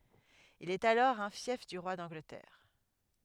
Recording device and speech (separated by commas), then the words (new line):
headset microphone, read sentence
Il est alors un fief du roi d'Angleterre.